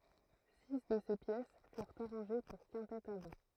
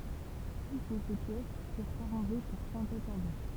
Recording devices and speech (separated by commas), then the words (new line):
throat microphone, temple vibration pickup, read sentence
Six de ces pièces furent arrangées pour quintette à vent.